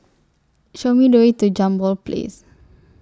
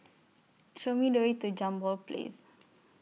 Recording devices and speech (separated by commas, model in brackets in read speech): standing microphone (AKG C214), mobile phone (iPhone 6), read sentence